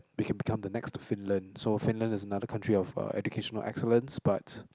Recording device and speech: close-talking microphone, conversation in the same room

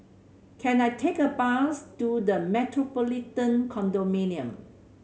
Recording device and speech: mobile phone (Samsung C7100), read sentence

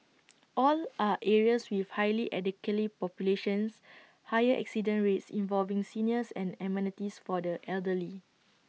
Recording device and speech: mobile phone (iPhone 6), read sentence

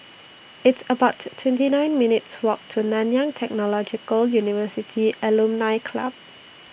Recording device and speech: boundary microphone (BM630), read sentence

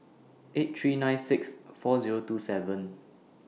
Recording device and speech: mobile phone (iPhone 6), read sentence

